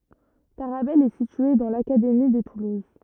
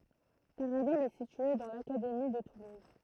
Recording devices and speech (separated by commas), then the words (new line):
rigid in-ear microphone, throat microphone, read sentence
Tarabel est située dans l'académie de Toulouse.